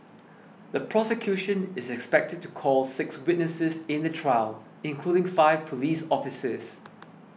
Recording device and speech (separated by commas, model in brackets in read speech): mobile phone (iPhone 6), read sentence